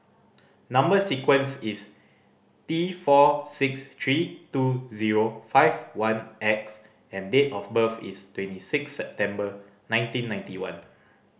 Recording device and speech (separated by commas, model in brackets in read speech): boundary microphone (BM630), read sentence